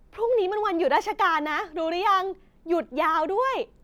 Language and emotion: Thai, happy